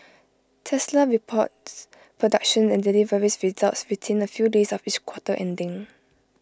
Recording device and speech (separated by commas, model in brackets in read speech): close-talking microphone (WH20), read sentence